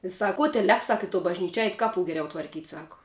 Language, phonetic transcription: Lithuanian, i ˈsak ˈko tę ˈlek ˈsak i to bažˈnyči ˈeit ˈkaˌpu geˈriau tvarˈkyt' ˈsaku

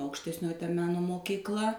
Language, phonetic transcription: Lithuanian, aukštesˈnioji ˈta ˈmeno mokykˈla

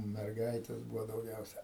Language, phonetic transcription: Lithuanian, merˈgaites ˈbūvo dauˈgiausia

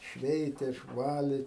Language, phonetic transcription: Lithuanian, ˈšveitė išˈvalė

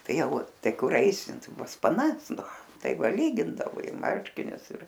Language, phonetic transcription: Lithuanian, ˈtai ˈjau ˈtai ˈkur ˈaisi ˈtai pas paˈnas ˈnu ˈtai ˈva ˈlygindao i ˈmarškinius ir

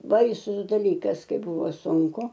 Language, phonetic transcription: Lithuanian, ˈbaisus daˈlykas ˈkai ˈbūvo sunˈku

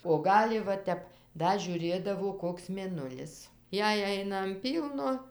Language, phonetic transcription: Lithuanian, o ˈgali va ˈtep ˈda žiūˈrėdavo ˈkoks mėˈnulis ˈjei ˈaina an ˈpylno

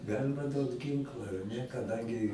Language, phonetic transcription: Lithuanian, ˈgalima ˈduot ˈginkla ar ˈne kaˈdangi

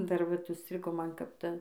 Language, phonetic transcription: Lithuanian, dar ˈvat užˈstrigo ˈman kap ˈta

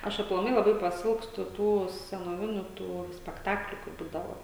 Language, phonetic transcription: Lithuanian, ˈaš aplaˈmai laˈbai paˈsilgstu ˈtų senoˈviniu tų spekˈtakliu kai ˈbūdavo

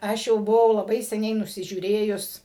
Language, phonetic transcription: Lithuanian, ˈaš jau buˈvau laˈbai seˈniai nusižiūˈrėjus

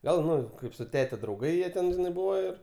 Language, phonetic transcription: Lithuanian, ˈgal ˈnu ˈkaip su ˈtete drauˈgai ˈjieˈ ten ˈbuvo ir

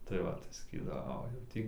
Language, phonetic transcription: Lithuanian, tai ˈva tai saˈkydavo ˈo jau ˈtį

